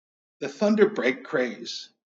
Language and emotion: English, fearful